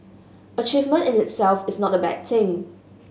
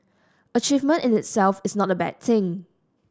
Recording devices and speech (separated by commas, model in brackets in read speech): mobile phone (Samsung S8), standing microphone (AKG C214), read sentence